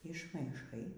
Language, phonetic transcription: Lithuanian, išmaiˈšai

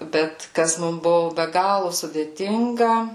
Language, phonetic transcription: Lithuanian, ˈbet ˈkas ˈmum ˈbuvu be ˈgalu sudėˈtinga

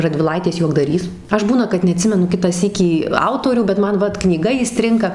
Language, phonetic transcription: Lithuanian, radviˈlaitės juokdaˈrys ˈaš ˈbūna kad neaˈtsimenu ˈkitą ˈsykį ˈautorių bet ˈman ˈvat knyˈga įˈstrinka

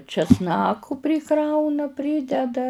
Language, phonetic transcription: Lithuanian, česˈnaku priˈkrauna ˈprydeda

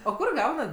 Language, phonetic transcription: Lithuanian, o ˈkur ˈgaunat

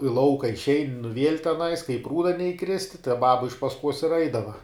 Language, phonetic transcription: Lithuanian, i ˈlauka išˈein' nu viel' teˈnais ka i ˈprūda neiˈkristi tai ˈbaba iš pasˈkuos ir ˈeidava

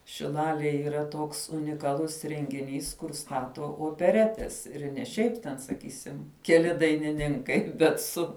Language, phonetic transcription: Lithuanian, šilalėj yˈra ˈtoks unikaˈlus rengiˈnys kur ˈstato opeˈretes ir' ne ˈšiaip ten saˈkysim keˈli dainiˈninkai bet ˈsu

